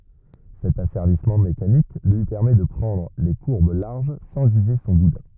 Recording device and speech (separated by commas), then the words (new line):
rigid in-ear microphone, read sentence
Cet asservissement mécanique lui permet de prendre les courbes larges sans user son boudin.